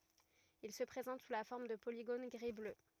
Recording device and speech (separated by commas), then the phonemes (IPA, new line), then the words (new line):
rigid in-ear microphone, read sentence
il sə pʁezɑ̃t su la fɔʁm də poliɡon ɡʁi blø
Il se présente sous la forme de polygones gris-bleu.